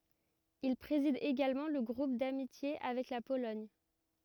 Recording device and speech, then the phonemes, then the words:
rigid in-ear microphone, read sentence
il pʁezid eɡalmɑ̃ lə ɡʁup damitje avɛk la polɔɲ
Il préside également le groupe d'amitiés avec la Pologne.

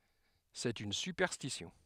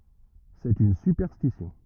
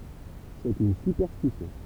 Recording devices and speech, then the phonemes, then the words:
headset microphone, rigid in-ear microphone, temple vibration pickup, read sentence
sɛt yn sypɛʁstisjɔ̃
C’est une superstition.

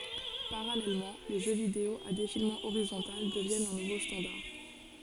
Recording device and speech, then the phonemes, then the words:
forehead accelerometer, read sentence
paʁalɛlmɑ̃ le ʒø video a defilmɑ̃ oʁizɔ̃tal dəvjɛnt œ̃ nuvo stɑ̃daʁ
Parallèlement, les jeux vidéo à défilement horizontal deviennent un nouveau standard.

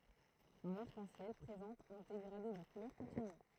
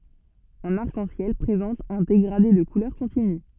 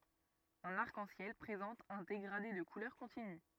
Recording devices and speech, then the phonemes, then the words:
throat microphone, soft in-ear microphone, rigid in-ear microphone, read sentence
œ̃n aʁk ɑ̃ sjɛl pʁezɑ̃t œ̃ deɡʁade də kulœʁ kɔ̃tiny
Un arc-en-ciel présente un dégradé de couleurs continu.

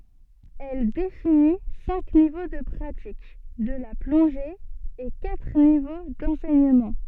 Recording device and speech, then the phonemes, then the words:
soft in-ear microphone, read sentence
ɛl defini sɛ̃k nivo də pʁatik də la plɔ̃ʒe e katʁ nivo dɑ̃sɛɲəmɑ̃
Elle définit cinq niveaux de pratique de la plongée et quatre niveaux d'enseignement.

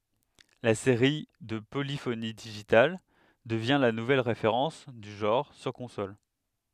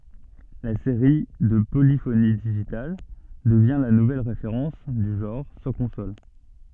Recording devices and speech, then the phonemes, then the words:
headset microphone, soft in-ear microphone, read sentence
la seʁi də polifoni diʒital dəvjɛ̃ la nuvɛl ʁefeʁɑ̃s dy ʒɑ̃ʁ syʁ kɔ̃sol
La série de Polyphony Digital devient la nouvelle référence du genre sur consoles.

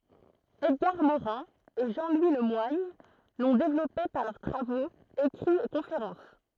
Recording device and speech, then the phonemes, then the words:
throat microphone, read sentence
ɛdɡaʁ moʁɛ̃ e ʒɑ̃ lwi lə mwaɲ lɔ̃ devlɔpe paʁ lœʁ tʁavoz ekʁiz e kɔ̃feʁɑ̃s
Edgar Morin et Jean-Louis Le Moigne l'ont développé par leurs travaux, écrits et conférences.

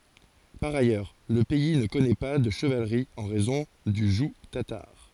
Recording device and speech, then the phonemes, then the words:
forehead accelerometer, read sentence
paʁ ajœʁ lə pɛi nə kɔnɛ pa də ʃəvalʁi ɑ̃ ʁɛzɔ̃ dy ʒuɡ tataʁ
Par ailleurs, le pays ne connaît pas de chevalerie en raison du joug tatar.

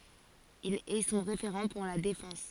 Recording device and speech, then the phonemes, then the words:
forehead accelerometer, read sentence
il ɛ sɔ̃ ʁefeʁɑ̃ puʁ la defɑ̃s
Il est son référent pour la défense.

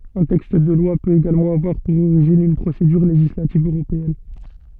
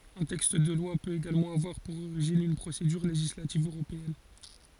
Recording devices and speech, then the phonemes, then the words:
soft in-ear microphone, forehead accelerometer, read sentence
œ̃ tɛkst də lwa pøt eɡalmɑ̃ avwaʁ puʁ oʁiʒin yn pʁosedyʁ leʒislativ øʁopeɛn
Un texte de loi peut également avoir pour origine une procédure législative européenne.

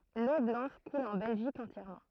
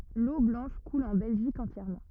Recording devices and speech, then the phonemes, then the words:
throat microphone, rigid in-ear microphone, read sentence
lo blɑ̃ʃ kul ɑ̃ bɛlʒik ɑ̃tjɛʁmɑ̃
L'Eau Blanche coule en Belgique entièrement.

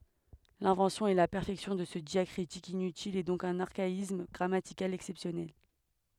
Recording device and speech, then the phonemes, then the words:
headset microphone, read sentence
lɛ̃vɑ̃sjɔ̃ e la pɛʁfɛksjɔ̃ də sə djakʁitik inytil ɛ dɔ̃k dœ̃n aʁkaism ɡʁamatikal ɛksɛpsjɔnɛl
L'invention et la perfection de ce diacritique inutile est donc d'un archaïsme grammatical exceptionnel.

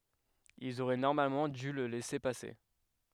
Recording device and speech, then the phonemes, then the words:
headset microphone, read sentence
ilz oʁɛ nɔʁmalmɑ̃ dy lə lɛse pase
Ils auraient normalement dû le laisser passer.

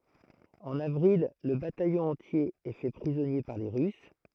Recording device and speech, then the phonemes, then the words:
throat microphone, read sentence
ɑ̃n avʁil lə batajɔ̃ ɑ̃tje ɛ fɛ pʁizɔnje paʁ le ʁys
En avril, le bataillon entier est fait prisonnier par les Russes.

